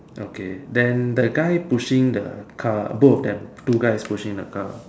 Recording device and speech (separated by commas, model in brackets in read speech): standing microphone, conversation in separate rooms